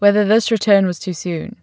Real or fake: real